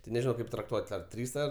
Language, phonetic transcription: Lithuanian, ti nežiˈnau ˈkaip trakˈtuot' ar ˈtrys ar

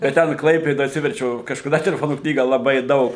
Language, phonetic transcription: Lithuanian, jau ˈten ˈklaipėdoj atˈsiverčiau kažkaˈda teleˈfonų ˈknyga laˈbai ˈdaug

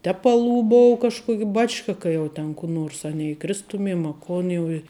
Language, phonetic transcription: Lithuanian, ˈtepalų ˈbou kažˈkuok' ˈbačka ˈka jau ten ku ˈnors a neįˈkristumiem a ˈkon jau i

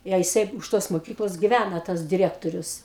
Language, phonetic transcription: Lithuanian, ˈja jiˈsai už ˈtos moˈkyklos giˈvæna ˈtas diˈrektorius

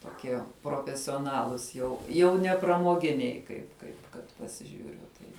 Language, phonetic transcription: Lithuanian, toˈkie profesioˈnalus jau ˈjau ne pramoˈginiai kaip ˈkaip kad pasiˈžiūriu ˈtai

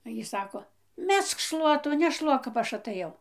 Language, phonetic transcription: Lithuanian, o ˈjy ˈsako ˈmesk ˈšluotų neˈšluok kap ˈaš atɘˈjau

